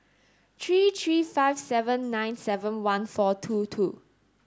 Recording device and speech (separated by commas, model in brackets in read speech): standing microphone (AKG C214), read sentence